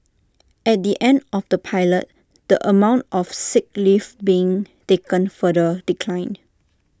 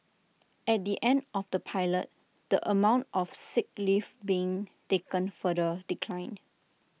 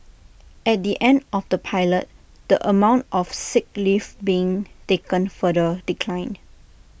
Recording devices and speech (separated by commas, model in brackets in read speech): standing microphone (AKG C214), mobile phone (iPhone 6), boundary microphone (BM630), read sentence